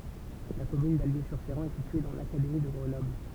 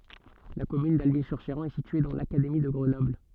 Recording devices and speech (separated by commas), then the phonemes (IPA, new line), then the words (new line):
temple vibration pickup, soft in-ear microphone, read sentence
la kɔmyn dalbi syʁ ʃeʁɑ̃ ɛ sitye dɑ̃ lakademi də ɡʁənɔbl
La commune d'Alby-sur-Chéran est située dans l'académie de Grenoble.